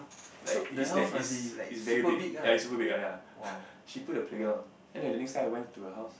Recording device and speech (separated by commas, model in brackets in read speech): boundary microphone, conversation in the same room